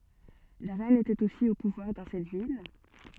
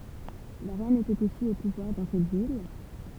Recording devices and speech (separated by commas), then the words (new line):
soft in-ear microphone, temple vibration pickup, read sentence
La reine était aussi au pouvoir dans cette ville.